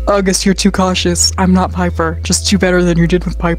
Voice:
deep voice